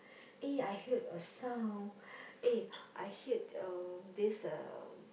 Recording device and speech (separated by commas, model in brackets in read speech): boundary microphone, conversation in the same room